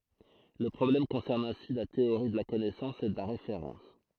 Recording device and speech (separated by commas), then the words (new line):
throat microphone, read sentence
Le problème concerne ainsi la théorie de la connaissance et de la référence.